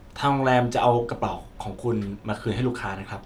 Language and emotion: Thai, neutral